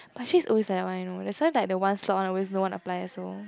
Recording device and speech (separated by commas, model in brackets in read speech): close-talking microphone, conversation in the same room